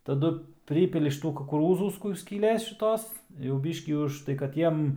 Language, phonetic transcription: Lithuanian, taˈdu ˈprypili šiˈtų kukuˈrūzų ˈkur skyˈlės šiˈtos jau ˈbyškį užˈtai kad ˈjiem

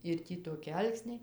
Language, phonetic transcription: Lithuanian, ir ˈtį toˈki ˈalksniai

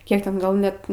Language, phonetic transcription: Lithuanian, ˈkiek ˈten ˈgal net

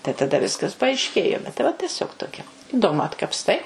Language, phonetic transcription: Lithuanian, tai taˈda ˈviskas paaišˈkėjo bet tai ˈva teˈsiog toˈkia iˈdomu atkapsˈtai

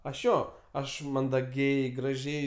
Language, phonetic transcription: Lithuanian, ˈaš ˈjo ˈaš mandaˈgiai graˈžiai

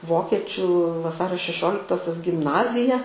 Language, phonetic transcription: Lithuanian, ˈvokečių vaˈsario šeˈšioliktosios gimˈnazija

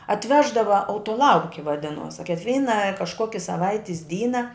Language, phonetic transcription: Lithuanian, atˈveždava autoˈlauki vaˈdinuos a kikˈvyna kažˈkoki saˈvaitis ˈdyna

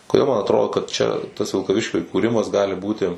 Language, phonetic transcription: Lithuanian, koˈdėl man atˈrodo kad čia tas vilkaˈviškiu įkūˈrimas ˈgali ˈbūti

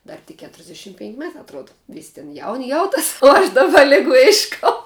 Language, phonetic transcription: Lithuanian, ˈdar tik ˈketrsdeˌšim penk' ˈmetā atˈruoda ˈvys' tin jaun' ˈjauˌtas u ˈaš ˈdaba ˈligu ˈiškau

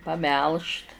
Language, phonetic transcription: Lithuanian, paˈmelžt

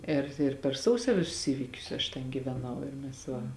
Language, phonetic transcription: Lithuanian, ir ir per ˈsausio ˈvisus ˈįvykius aš ten gyveˈnau ir mes ˈva

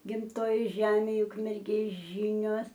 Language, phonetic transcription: Lithuanian, gimˈtojoj ˈžemėj ukmerˈgės ˈžinios

